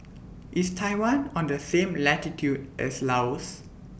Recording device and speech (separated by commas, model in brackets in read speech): boundary microphone (BM630), read sentence